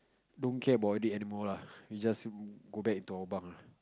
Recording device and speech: close-talking microphone, conversation in the same room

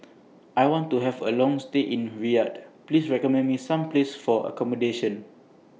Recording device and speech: mobile phone (iPhone 6), read sentence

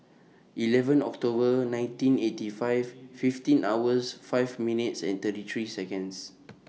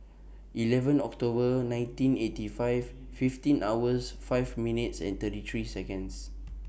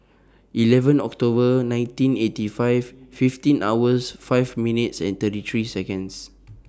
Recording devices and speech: mobile phone (iPhone 6), boundary microphone (BM630), standing microphone (AKG C214), read sentence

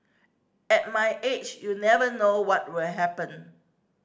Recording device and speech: standing microphone (AKG C214), read sentence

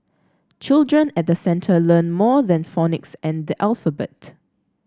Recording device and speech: standing microphone (AKG C214), read sentence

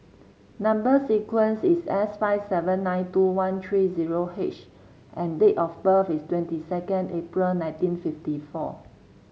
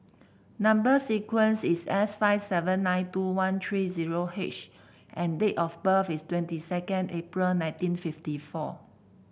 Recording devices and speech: mobile phone (Samsung C7), boundary microphone (BM630), read sentence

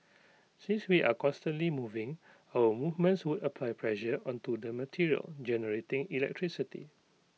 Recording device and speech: mobile phone (iPhone 6), read sentence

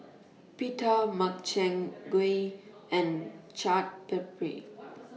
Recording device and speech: mobile phone (iPhone 6), read sentence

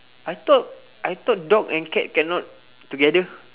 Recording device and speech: telephone, conversation in separate rooms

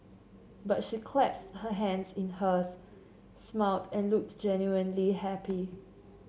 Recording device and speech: mobile phone (Samsung C7), read sentence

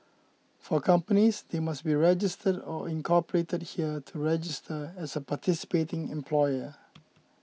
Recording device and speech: mobile phone (iPhone 6), read sentence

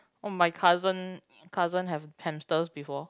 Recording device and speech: close-talking microphone, conversation in the same room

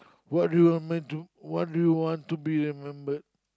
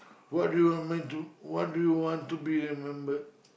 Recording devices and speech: close-talking microphone, boundary microphone, conversation in the same room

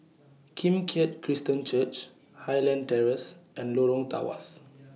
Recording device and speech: mobile phone (iPhone 6), read sentence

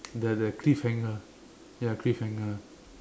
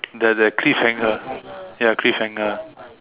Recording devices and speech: standing microphone, telephone, conversation in separate rooms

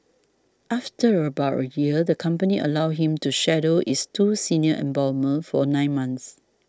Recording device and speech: standing microphone (AKG C214), read sentence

